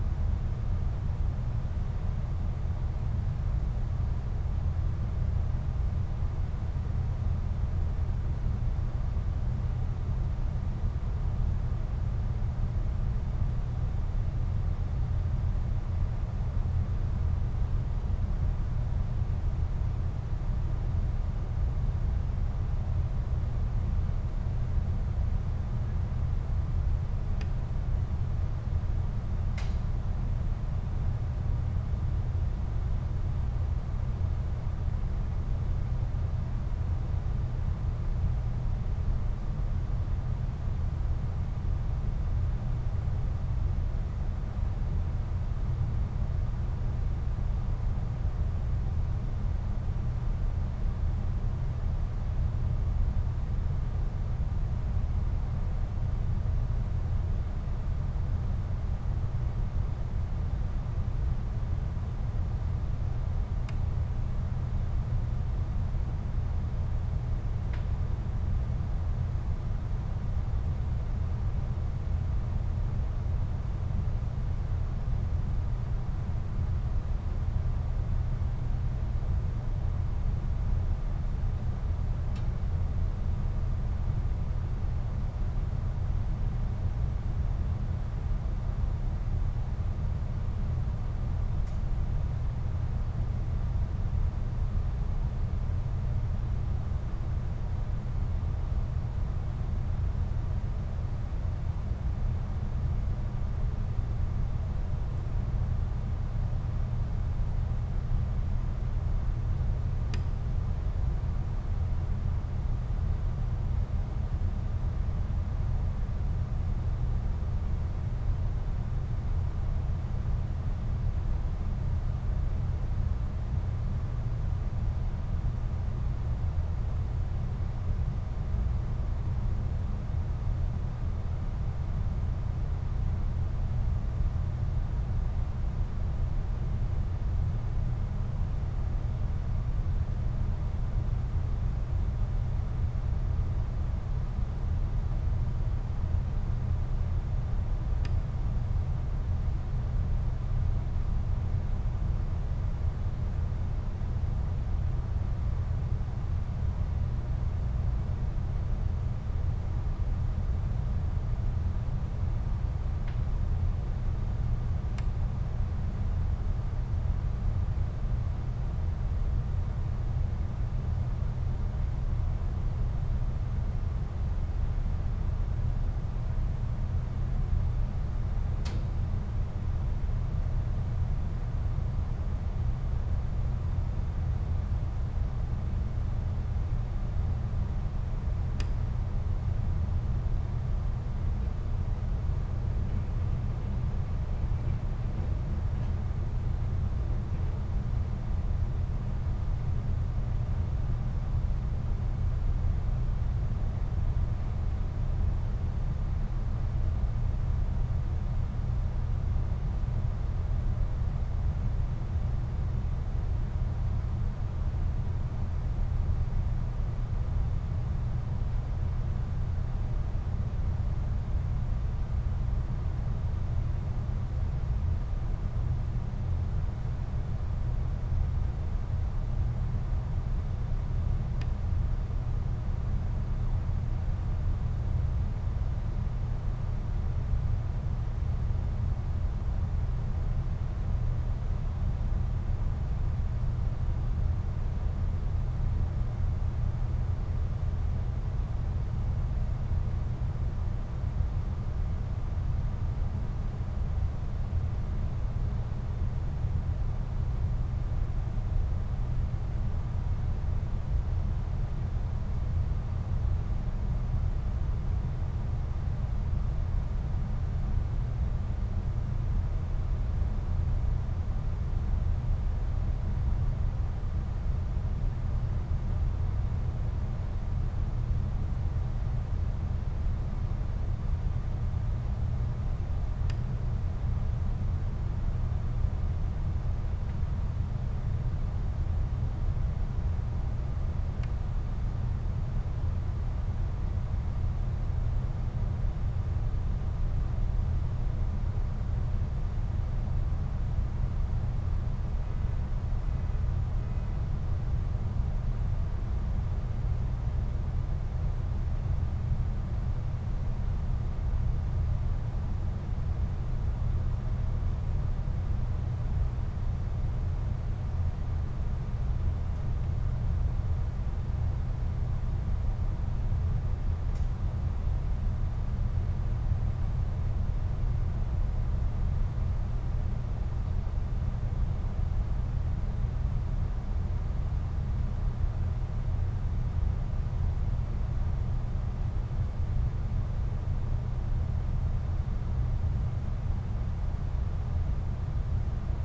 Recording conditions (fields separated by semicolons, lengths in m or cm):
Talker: no one; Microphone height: 1.8 m; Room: medium-sized (5.7 m by 4.0 m); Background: none